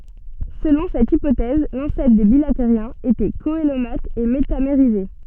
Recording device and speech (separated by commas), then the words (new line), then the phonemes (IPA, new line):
soft in-ear microphone, read sentence
Selon cette hypothèse, l'ancêtre des bilatériens était coelomate et métamérisé.
səlɔ̃ sɛt ipotɛz lɑ̃sɛtʁ de bilateʁjɛ̃z etɛ koəlomat e metameʁize